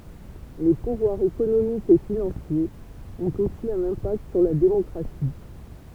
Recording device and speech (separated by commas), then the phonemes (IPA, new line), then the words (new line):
temple vibration pickup, read sentence
le puvwaʁz ekonomikz e finɑ̃sjez ɔ̃t osi œ̃n ɛ̃pakt syʁ la demɔkʁasi
Les pouvoirs économiques et financiers ont aussi un impact sur la démocratie.